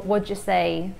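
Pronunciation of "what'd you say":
'What do you say' is said as 'what'd you say': the words are connected, and the t and d merge into one sound.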